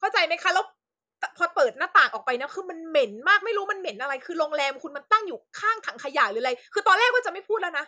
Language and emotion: Thai, angry